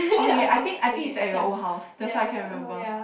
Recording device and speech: boundary microphone, conversation in the same room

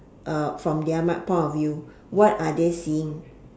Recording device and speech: standing microphone, conversation in separate rooms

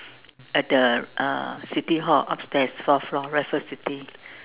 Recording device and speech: telephone, conversation in separate rooms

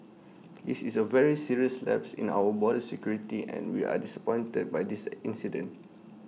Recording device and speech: mobile phone (iPhone 6), read sentence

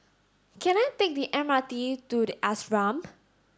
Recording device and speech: standing microphone (AKG C214), read sentence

